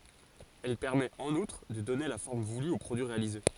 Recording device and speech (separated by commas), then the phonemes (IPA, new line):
forehead accelerometer, read sentence
ɛl pɛʁmɛt ɑ̃n utʁ də dɔne la fɔʁm vuly o pʁodyi ʁealize